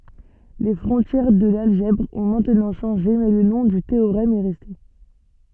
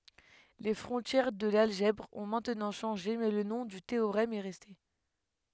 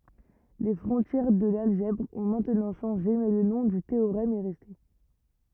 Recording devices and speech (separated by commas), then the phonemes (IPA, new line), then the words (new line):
soft in-ear microphone, headset microphone, rigid in-ear microphone, read sentence
le fʁɔ̃tjɛʁ də lalʒɛbʁ ɔ̃ mɛ̃tnɑ̃ ʃɑ̃ʒe mɛ lə nɔ̃ dy teoʁɛm ɛ ʁɛste
Les frontières de l'algèbre ont maintenant changé mais le nom du théorème est resté.